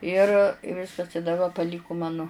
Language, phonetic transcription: Lithuanian, ir i ˈviskas i daˈba paˈlyku ˈmanu

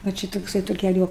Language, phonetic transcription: Lithuanian, va ˈči tokˈsai tuo keˈliu

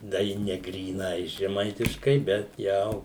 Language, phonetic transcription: Lithuanian, da ˈji ne gryˈnai žeˈmaitiškai bet ˈjau

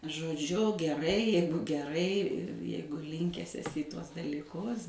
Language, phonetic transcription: Lithuanian, žodˈžiu geˈrai ˈjeigu geˈrai ˈjeigu ˈlinkęs eˈsi i ˈtuos dalyˈkus

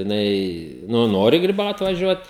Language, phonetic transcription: Lithuanian, jiˈnai ˈnu ˈnori griˈbaut vaˈžiuot

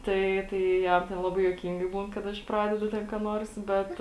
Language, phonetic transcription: Lithuanian, ˈtai ˈtai ˈjam ten ˈlabai juoˈkyngai ˈbūn kad ˈaš ˈpradedu ten ką ˈnuors ˈbet

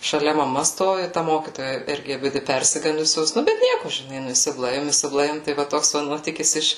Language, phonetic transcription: Lithuanian, šaˈlia maˈma ˈstovi ta ˈmokytoja ˈirgi aˈbidi ˈpersigandusios ˈnu bet ˈnieku žiˈnai ˈnu isiˈblaivim isibˈlaivim ˈtai va ˈtoks va ˈnuotykis ˈiš

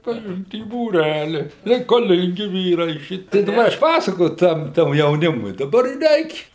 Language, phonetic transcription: Lithuanian, priˈimt į būˈræli reikaˈlingi ˈvyrai ˈšiti tai ˈaš ˈpasakoju ˈtam tam jauˈnimui daˈbar i ˈreik'

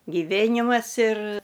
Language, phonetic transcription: Lithuanian, giˈvėnimas ir

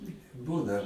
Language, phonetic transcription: Lithuanian, ˈbūna

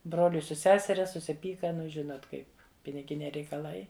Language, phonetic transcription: Lithuanian, ˈbroliui su ˈseseria susiˈpyka ˈnu ˈžinot ˈkai piniˈginiai reikaˈlai

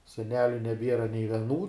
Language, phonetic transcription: Lithuanian, seˈneliu neˈbiera nei veˈnų

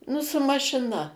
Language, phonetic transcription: Lithuanian, ˈnu su mašiˈna

